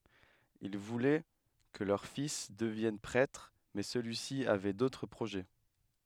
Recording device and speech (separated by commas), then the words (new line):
headset microphone, read sentence
Ils voulaient que leur fils devienne prêtre, mais celui-ci avait d'autres projets.